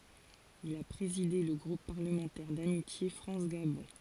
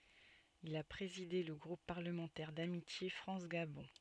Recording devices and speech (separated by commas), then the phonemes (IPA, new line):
forehead accelerometer, soft in-ear microphone, read sentence
il a pʁezide lə ɡʁup paʁləmɑ̃tɛʁ damitje fʁɑ̃s ɡabɔ̃